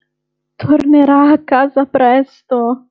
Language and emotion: Italian, fearful